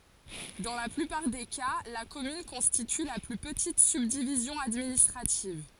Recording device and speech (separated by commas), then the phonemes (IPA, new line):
forehead accelerometer, read sentence
dɑ̃ la plypaʁ de ka la kɔmyn kɔ̃stity la ply pətit sybdivizjɔ̃ administʁativ